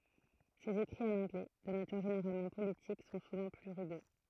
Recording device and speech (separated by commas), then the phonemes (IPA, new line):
throat microphone, read sentence
sez ekʁiz ɑ̃n ɑ̃ɡlɛ də natyʁ ʒeneʁalmɑ̃ politik sɔ̃ suvɑ̃ ply ʁyɡø